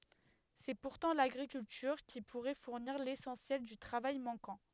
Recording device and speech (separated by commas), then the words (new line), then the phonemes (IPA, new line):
headset microphone, read sentence
C’est pourtant l’agriculture qui pourrait fournir l’essentiel du travail manquant.
sɛ puʁtɑ̃ laɡʁikyltyʁ ki puʁɛ fuʁniʁ lesɑ̃sjɛl dy tʁavaj mɑ̃kɑ̃